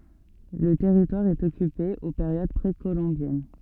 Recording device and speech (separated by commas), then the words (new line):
soft in-ear microphone, read sentence
Le territoire est occupé aux périodes précolombiennes.